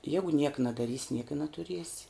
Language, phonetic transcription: Lithuanian, ˈjagu niek nadaˈrysi niek i natuˈriesi

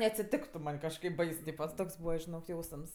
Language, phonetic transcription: Lithuanian, neatsiˈtiktu man' kažˈkaip ˈbais ˈtypa ˈtoks ˈbūva žiˈnok ˈjausms

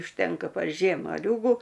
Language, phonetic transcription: Lithuanian, užˈtenka par ˈžiem maˈliūgu

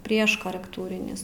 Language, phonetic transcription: Lithuanian, ˈprieš korekˈtūrinis

